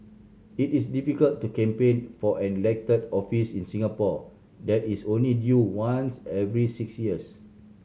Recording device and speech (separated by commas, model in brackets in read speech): mobile phone (Samsung C7100), read sentence